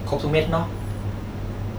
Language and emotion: Thai, neutral